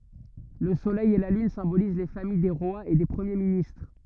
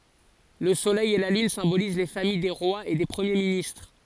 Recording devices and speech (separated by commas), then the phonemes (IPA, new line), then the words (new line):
rigid in-ear microphone, forehead accelerometer, read sentence
lə solɛj e la lyn sɛ̃boliz le famij de ʁwaz e de pʁəmje ministʁ
Le Soleil et la Lune symbolisent les familles des rois et des premiers ministres.